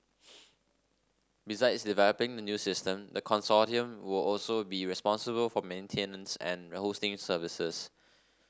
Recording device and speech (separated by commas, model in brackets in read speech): standing microphone (AKG C214), read sentence